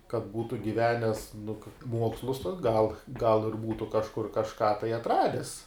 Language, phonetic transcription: Lithuanian, kad ˈbūtu giˈvenes nu ka ˈmuokslus tuos gal gal ir ˈbūtu kažˈkur kažˈką tai atˈrades

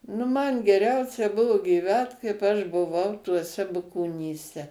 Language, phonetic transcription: Lithuanian, nu man geˈriausia ˈbuvo gyˈvęt kaip aš buˈvau tuoˈse bukonyˈse

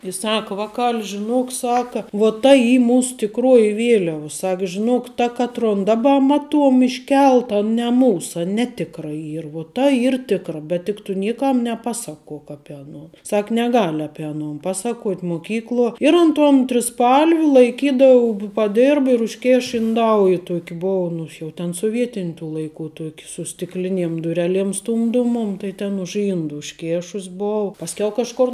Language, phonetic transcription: Lithuanian, i ˈsaka ˈvakal' žiˈnuok ˈsaka vuo ta ˈy ˈmūsu tikˈruoji ˈvieliav ˈsak žiˈnuok ta ˈkatron ˈdaba ˈmaˌtuom išˈkelta ne ˈmūsa ˈneˌtikra ˈyr uo ˈta ˈyr ˈtikra bet tik tu ˈniekam neˈpasaˌkuok ˈapie aˈnuon ˈsak neˈgal' ˈape aˈnon ˈpasaˌkuot' moˈkykluo ir ˈan ton triˈspalv' laiˈkydavau bu paˈdirb ir užˈkėš inˈdauji ˈtuok' ˈbou ˈnu jau ten soˈvietin' tų laiˈkų ˈtuok' su stikˈliniem duˈreˌliem ˈstumdomuom tai ˈten už ˈindu užˈkėšus ˈbou pasˈkiau kažˈkor

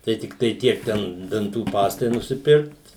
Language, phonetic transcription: Lithuanian, tai tikˈtai ˈtiek ˈten danˈtų ˈpastai nusiˈpirkt

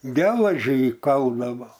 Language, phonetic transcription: Lithuanian, ˈgelažį įˈkaldavo

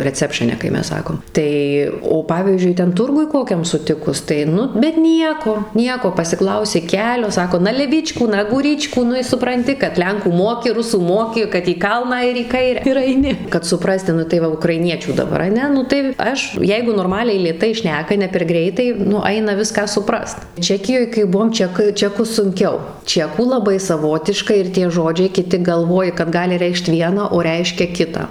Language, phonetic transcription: Lithuanian, reˈcepšɨne kai ˈmes ˈsakom ˈtai o ˈpavyzdžiui ˈten ˈturguj ˈkokiam suˈtikus tai ˈnu bet ˈnieko ˈnieko pasiˈklausi ˈkelio ˈsako (na leˈvyčku na gūˈryčku) ˈnu i supranˈti kad ˈlenkų ˈmoki ˈrusų ˈmoki kad į ˈkalną ir į ˈkaire ir aiˈni kad suˈprasti nu tai ˈva ukraiˈniečių daˈbar aˈne ˈnu tai ˈaš ˈjeigu norˈmaliai lėˈtai ˈšneka ne per ˈgreitai nu ˈaina ˈviską suˈprast ˈčekijoj kai ˈbuvom ˈček ˈčekus sunˈkiau ˈčekų laˈbai saˈvotiška ir ˈtie ˈžodžiai kiˈti galˈvoji kad ˈgali ˈreikšt ˈviena o ˈreiškia ˈkitą

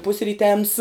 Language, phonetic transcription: Lithuanian, pusryˈtems

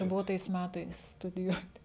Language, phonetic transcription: Lithuanian, ˈbuvo tais ˈmætais studiˈjuoti

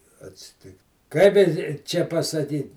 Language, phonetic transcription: Lithuanian, atsiˈtikt ˈkaip i i ˈčia pasaˈdyn

